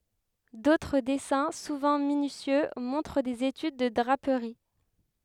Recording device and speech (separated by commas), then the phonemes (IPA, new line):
headset microphone, read sentence
dotʁ dɛsɛ̃ suvɑ̃ minysjø mɔ̃tʁ dez etyd də dʁapəʁi